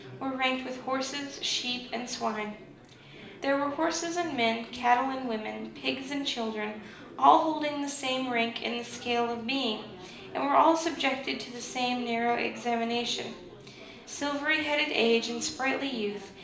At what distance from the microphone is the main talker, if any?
2.0 m.